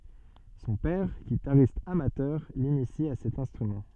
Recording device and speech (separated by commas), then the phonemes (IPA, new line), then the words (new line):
soft in-ear microphone, read sentence
sɔ̃ pɛʁ ɡitaʁist amatœʁ linisi a sɛt ɛ̃stʁymɑ̃
Son père, guitariste amateur, l'initie à cet instrument.